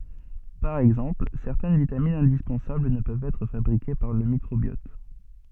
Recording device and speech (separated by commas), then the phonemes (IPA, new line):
soft in-ear microphone, read sentence
paʁ ɛɡzɑ̃pl sɛʁtɛn vitaminz ɛ̃dispɑ̃sabl nə pøvt ɛtʁ fabʁike paʁ lə mikʁobjɔt